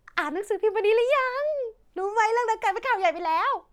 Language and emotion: Thai, happy